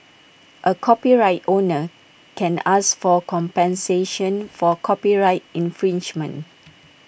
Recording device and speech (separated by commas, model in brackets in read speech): boundary microphone (BM630), read sentence